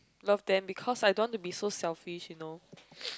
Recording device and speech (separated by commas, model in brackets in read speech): close-talking microphone, conversation in the same room